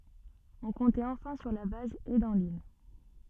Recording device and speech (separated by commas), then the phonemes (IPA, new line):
soft in-ear microphone, read sentence
ɔ̃ kɔ̃tɛt ɑ̃fɛ̃ syʁ la baz e dɑ̃ lil